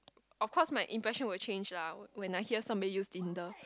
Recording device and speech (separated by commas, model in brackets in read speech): close-talking microphone, conversation in the same room